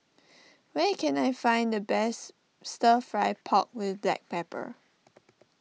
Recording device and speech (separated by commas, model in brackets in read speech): mobile phone (iPhone 6), read sentence